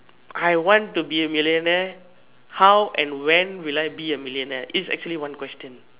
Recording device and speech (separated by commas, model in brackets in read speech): telephone, conversation in separate rooms